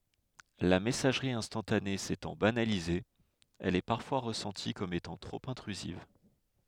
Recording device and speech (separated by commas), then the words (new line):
headset microphone, read sentence
La messagerie instantanée s'étant banalisée, elle est parfois ressentie comme étant trop intrusive.